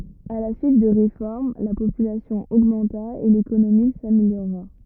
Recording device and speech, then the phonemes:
rigid in-ear microphone, read sentence
a la syit də ʁefɔʁm la popylasjɔ̃ oɡmɑ̃ta e lekonomi sameljoʁa

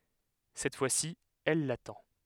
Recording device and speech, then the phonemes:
headset microphone, read sentence
sɛt fwasi ɛl latɑ̃

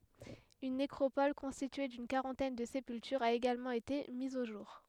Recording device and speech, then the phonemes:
headset microphone, read sentence
yn nekʁopɔl kɔ̃stitye dyn kaʁɑ̃tɛn də sepyltyʁz a eɡalmɑ̃ ete miz o ʒuʁ

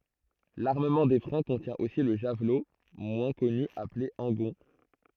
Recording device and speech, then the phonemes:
throat microphone, read sentence
laʁməmɑ̃ de fʁɑ̃ kɔ̃tjɛ̃ osi lə ʒavlo mwɛ̃ kɔny aple ɑ̃ɡɔ̃

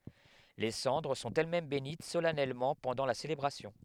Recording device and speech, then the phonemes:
headset microphone, read sentence
le sɑ̃dʁ sɔ̃t ɛlɛsmɛm benit solɛnɛlmɑ̃ pɑ̃dɑ̃ la selebʁasjɔ̃

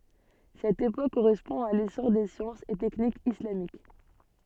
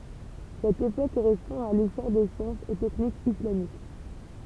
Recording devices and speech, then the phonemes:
soft in-ear microphone, temple vibration pickup, read sentence
sɛt epok koʁɛspɔ̃ a lesɔʁ de sjɑ̃sz e tɛknikz islamik

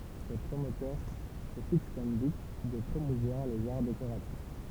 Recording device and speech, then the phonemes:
temple vibration pickup, read sentence
se pʁomotœʁ sə fiks kɔm byt də pʁomuvwaʁ lez aʁ dekoʁatif

